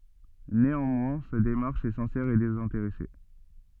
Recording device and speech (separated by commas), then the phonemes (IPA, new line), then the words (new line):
soft in-ear microphone, read sentence
neɑ̃mwɛ̃ sa demaʁʃ ɛ sɛ̃sɛʁ e dezɛ̃teʁɛse
Néanmoins, sa démarche est sincère et désintéressée.